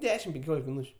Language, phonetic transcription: Lithuanian, ˈdešim penˈkiolik miˈnūčiu

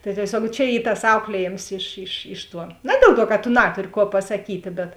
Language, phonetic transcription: Lithuanian, tai tieˈsiuog čia ˈy tas ˈauklieˌjėms iš iš ˈiš ˌtuo ˈna diel ˌtuo ka tu ˈnaturi ˈkuo pasaˈkytė bet

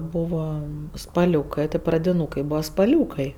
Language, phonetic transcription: Lithuanian, ˈbūva spaˈliūkai ti pradiˈnūkai ˈbūva spaˈliūkai

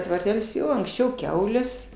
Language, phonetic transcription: Lithuanian, tvarˈtel's' ˈjo anksˈčiau ˈkiaulės

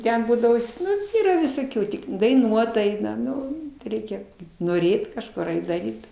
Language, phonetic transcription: Lithuanian, ˈten ˈbūdavo ˈnu ˈyra visoˈkių ˈtik daiˈnuot ˈaina ˈnu ˈreikia noˈrėt kažˈkur ˈait daˈryt

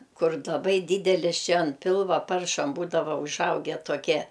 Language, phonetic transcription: Lithuanian, ˈkur laˈbai ˈdydelis ˈčia an ˈpilva ˈparšam ˈbūdava uˈžauge toˈkie

